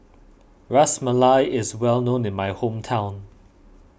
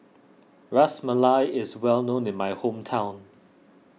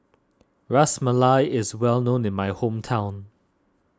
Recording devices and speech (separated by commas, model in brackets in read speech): boundary microphone (BM630), mobile phone (iPhone 6), standing microphone (AKG C214), read sentence